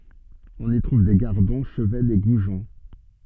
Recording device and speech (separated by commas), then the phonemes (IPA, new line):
soft in-ear microphone, read sentence
ɔ̃n i tʁuv de ɡaʁdɔ̃ ʃəvɛnz e ɡuʒɔ̃